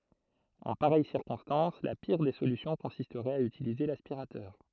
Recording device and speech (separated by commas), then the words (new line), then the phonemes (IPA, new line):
throat microphone, read sentence
En pareille circonstance, la pire des solutions consisterait à utiliser l'aspirateur.
ɑ̃ paʁɛj siʁkɔ̃stɑ̃s la piʁ de solysjɔ̃ kɔ̃sistʁɛt a ytilize laspiʁatœʁ